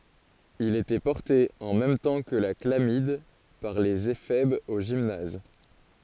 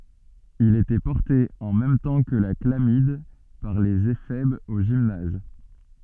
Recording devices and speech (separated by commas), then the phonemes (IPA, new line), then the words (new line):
forehead accelerometer, soft in-ear microphone, read sentence
il etɛ pɔʁte ɑ̃ mɛm tɑ̃ kə la klamid paʁ lez efɛbz o ʒimnaz
Il était porté, en même temps que la chlamyde, par les éphèbes au gymnase.